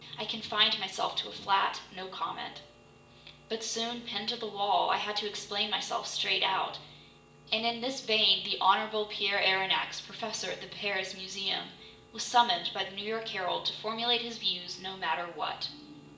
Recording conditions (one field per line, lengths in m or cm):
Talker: one person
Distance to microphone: 1.8 m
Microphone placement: close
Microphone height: 1.0 m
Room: large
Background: music